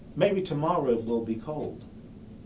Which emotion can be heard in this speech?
neutral